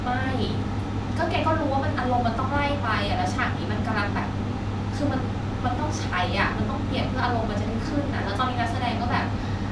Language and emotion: Thai, frustrated